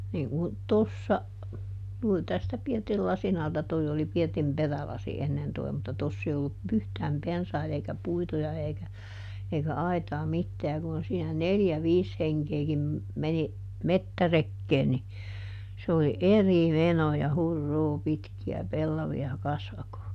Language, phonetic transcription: Finnish, niiŋ kun , "tossa , juurⁱ tästä ˈpirtil ˈlasin ˈalta - toi oli ˈpirtim "perälasi ˈennen toi̮ mut ˈtoss ‿ei ollu , ˈyhtääm "pensait ‿eikä ˈpuita (ja) eikä , eikä ˈaitaa ˈmittää ja kun siinä "neljä "viis ˈheŋkeekim , meni , "mettärekkeen ni , se oli "eri ˈmenoo ja » ˈhur"ruu ˈpitki₍ä ˈpellavi₍a ˈkasvakoo » .
- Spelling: niin kun tuossa juuri tästä pirtin lasin alta tuo oli pirtin perälasi ennen tuo mutta tuossa ei ollut yhtään pensaita eikä puita ja eikä eikä aitaa mitään ja kun siinä neljä viisi henkeäkin meni metsärekeen niin se oli eri menoa ja huruu pitkiä pellavia kasvakoon

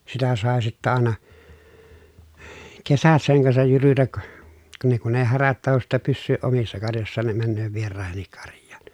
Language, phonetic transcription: Finnish, sitä sàe sittä àena , kesät seŋ kansaj jyrytäk , ka ne kun ee härät tahos sittä pyssyyʼ ʼomissa karjossaan ne männöö vieràehennik karj̆jAAN .
- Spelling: sitä sai sitten aina kesät sen kanssa jyrytä ka ne kun ei härät tahdo sitten pysyä omissa karjoissaan ne menee vieraidenkin karjaan

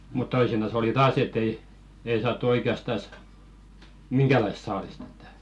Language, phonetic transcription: Finnish, mut 'toisinas ‿oli "taas et ‿ei , 'ei saattu oike₍astas , "miŋɢälaisᵗ 'saalist ‿ᴇttᴀ̈ .
- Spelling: mutta toisinaan oli taas että ei ei saatu oikeastaan minkäänlaista saalista että

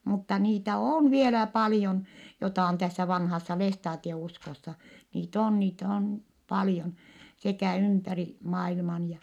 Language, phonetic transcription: Finnish, mutta niitä òn vielä palⁱjon , jotà on tässä vanhassa lestaatie₍uskossa , niit ‿oon niit ‿oon , paljon , sekä̀ ympäri , mailman ja ,.
- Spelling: mutta niitä on vielä paljon jota on tässä vanhassa lestadiouskossa niitä on niitä on paljon sekä ympäri maailman ja

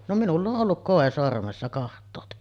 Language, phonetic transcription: Finnish, no 'minull ‿oˀ 'ˀolluk "kòe sormessa kaht̆toote .
- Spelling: no minulla on ollut koi sormessa katsokaa

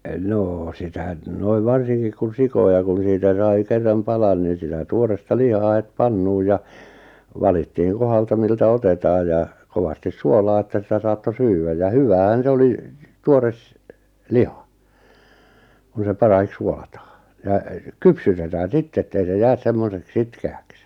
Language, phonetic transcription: Finnish, 'noo , sitä n- 'noiv 'varsiŋkik kun̬ 'sikoja kun̬ 'siitä 'sai 'kerram "palan nin̬ sitä 'tuoresta "lihaa 'het "pannuuʲ ja , 'valittiiŋ 'kohalta miltä "otetaaj ja , 'kovastis "suolaa että sitä 'saatto "syy-wäj ja "hyväähän 'se 'oli , 'tuores , "liha , kun̬ se 'parahik 'suolataa , ja , "kypsytetää "sitt ‿ettei se 'jäs 'semmosek "sitke₍äks .
- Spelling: no sitä - noin varsinkin kun sikoja kun siitä sai kerran palan niin sitä tuoretta lihaa heti pannuun ja valittiin kohdalta miltä otetaan ja kovasti suolaa että sitä saattoi syödä ja hyväähän se oli tuore liha kun se parahiksi suolataan ja kypsytetään sitten että ei se jää semmoiseksi sitkeäksi

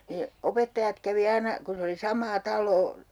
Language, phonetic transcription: Finnish, 'ne , 'opettajat kävi "aina , kun̬ 'se oli 'sam̀aa 'tal̀oo .
- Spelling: ne opettajat kävi aina kun se oli samaa taloa

